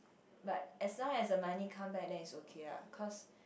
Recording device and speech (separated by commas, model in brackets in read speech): boundary microphone, conversation in the same room